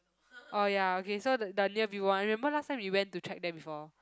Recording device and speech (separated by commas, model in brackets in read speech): close-talking microphone, conversation in the same room